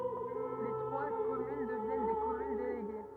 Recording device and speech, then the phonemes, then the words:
rigid in-ear microphone, read sentence
le tʁwa kɔmyn dəvjɛn de kɔmyn deleɡe
Les trois communes deviennent des communes déléguées.

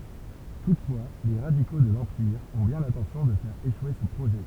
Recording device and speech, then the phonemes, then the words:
temple vibration pickup, read sentence
tutfwa le ʁadiko də lɑ̃piʁ ɔ̃ bjɛ̃ lɛ̃tɑ̃sjɔ̃ də fɛʁ eʃwe sə pʁoʒɛ
Toutefois, les radicaux de l'Empire ont bien l'intention de faire échouer ce projet.

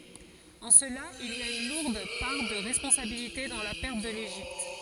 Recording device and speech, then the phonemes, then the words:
forehead accelerometer, read sentence
ɑ̃ səla il a yn luʁd paʁ də ʁɛspɔ̃sabilite dɑ̃ la pɛʁt də leʒipt
En cela, il a une lourde part de responsabilité dans la perte de l'Égypte.

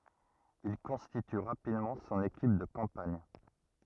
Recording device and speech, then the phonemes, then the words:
rigid in-ear microphone, read sentence
il kɔ̃stity ʁapidmɑ̃ sɔ̃n ekip də kɑ̃paɲ
Il constitue rapidement son équipe de campagne.

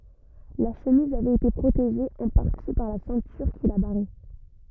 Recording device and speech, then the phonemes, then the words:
rigid in-ear microphone, read sentence
la ʃəmiz avɛt ete pʁoteʒe ɑ̃ paʁti paʁ la sɛ̃tyʁ ki la baʁɛ
La chemise avait été protégée en partie par la ceinture qui la barrait.

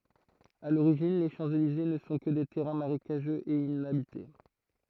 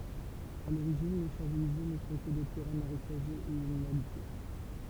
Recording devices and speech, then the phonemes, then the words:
throat microphone, temple vibration pickup, read sentence
a loʁiʒin le ʃɑ̃pselize nə sɔ̃ kə de tɛʁɛ̃ maʁekaʒøz e inabite
À l'origine, les Champs-Élysées ne sont que des terrains marécageux et inhabités.

